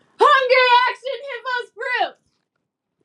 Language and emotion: English, happy